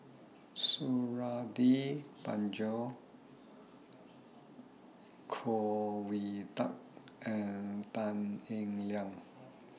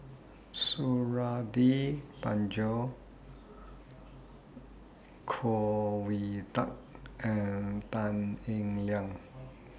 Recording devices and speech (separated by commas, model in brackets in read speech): mobile phone (iPhone 6), boundary microphone (BM630), read sentence